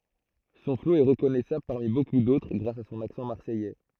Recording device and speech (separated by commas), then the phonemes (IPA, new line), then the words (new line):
throat microphone, read sentence
sɔ̃ flo ɛ ʁəkɔnɛsabl paʁmi boku dotʁ ɡʁas a sɔ̃n aksɑ̃ maʁsɛjɛ
Son flow est reconnaissable parmi beaucoup d'autres grâce à son accent marseillais.